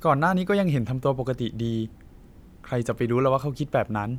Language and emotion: Thai, frustrated